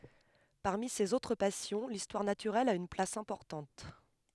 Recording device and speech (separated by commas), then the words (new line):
headset microphone, read sentence
Parmi ses autres passions, l'histoire naturelle a une place importante.